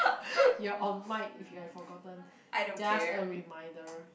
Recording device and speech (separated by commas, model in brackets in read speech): boundary microphone, conversation in the same room